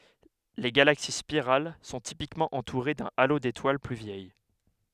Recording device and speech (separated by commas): headset microphone, read sentence